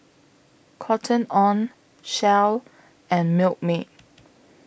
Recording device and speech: boundary microphone (BM630), read sentence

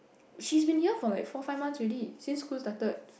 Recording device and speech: boundary microphone, conversation in the same room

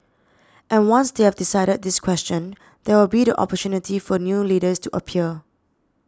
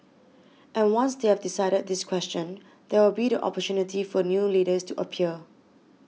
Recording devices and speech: standing microphone (AKG C214), mobile phone (iPhone 6), read sentence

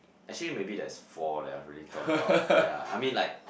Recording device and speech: boundary microphone, conversation in the same room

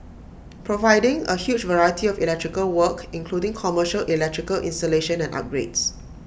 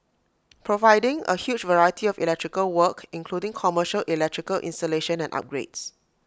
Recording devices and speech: boundary microphone (BM630), close-talking microphone (WH20), read sentence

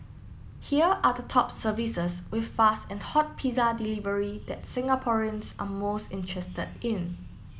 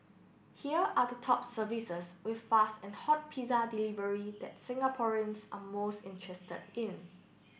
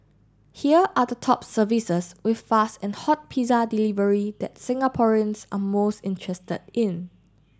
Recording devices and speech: mobile phone (iPhone 7), boundary microphone (BM630), standing microphone (AKG C214), read sentence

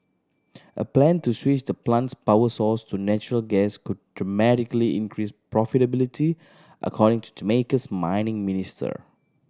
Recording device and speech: standing microphone (AKG C214), read sentence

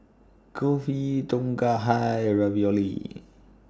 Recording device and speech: standing microphone (AKG C214), read sentence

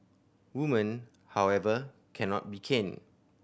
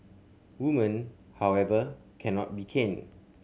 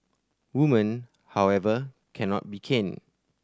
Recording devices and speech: boundary microphone (BM630), mobile phone (Samsung C7100), standing microphone (AKG C214), read sentence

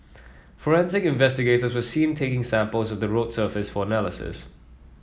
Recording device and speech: mobile phone (iPhone 7), read sentence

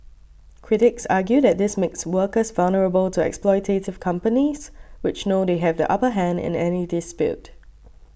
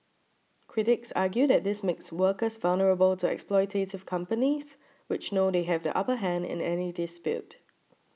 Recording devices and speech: boundary microphone (BM630), mobile phone (iPhone 6), read sentence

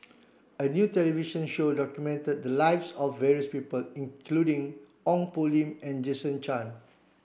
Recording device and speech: boundary microphone (BM630), read sentence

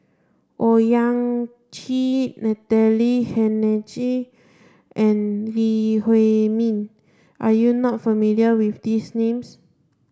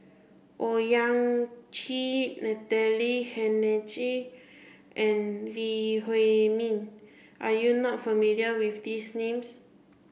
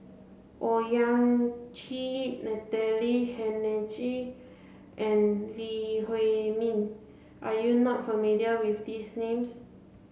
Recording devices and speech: standing microphone (AKG C214), boundary microphone (BM630), mobile phone (Samsung C7), read sentence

